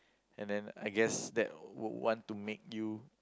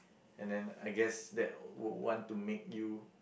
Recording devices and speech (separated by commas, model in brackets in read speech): close-talking microphone, boundary microphone, conversation in the same room